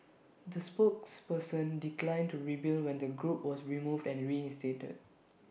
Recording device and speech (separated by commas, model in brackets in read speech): boundary microphone (BM630), read sentence